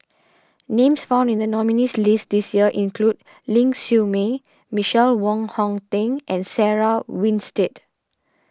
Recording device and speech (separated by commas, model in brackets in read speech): standing microphone (AKG C214), read sentence